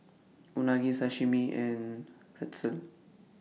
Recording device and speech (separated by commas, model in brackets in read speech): mobile phone (iPhone 6), read sentence